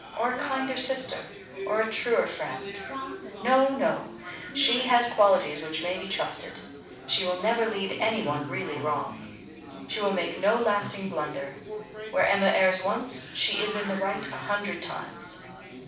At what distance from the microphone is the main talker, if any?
5.8 m.